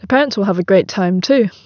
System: none